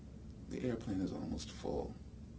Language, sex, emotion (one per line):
English
male
neutral